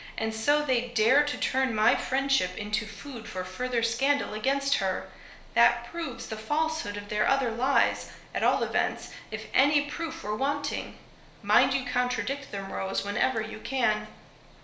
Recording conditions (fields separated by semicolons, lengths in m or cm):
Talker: one person; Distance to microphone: 1.0 m; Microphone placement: close; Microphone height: 1.1 m; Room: small (3.7 m by 2.7 m); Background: none